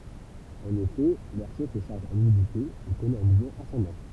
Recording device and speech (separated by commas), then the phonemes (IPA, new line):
temple vibration pickup, read sentence
ɑ̃n efɛ lɛʁ ʃo sə ʃaʁʒ ɑ̃n ymidite e kɔnɛt œ̃ muvmɑ̃ asɑ̃dɑ̃